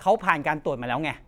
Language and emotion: Thai, angry